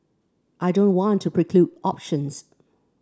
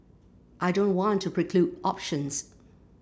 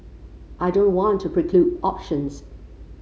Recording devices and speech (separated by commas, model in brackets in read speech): standing microphone (AKG C214), boundary microphone (BM630), mobile phone (Samsung C5), read sentence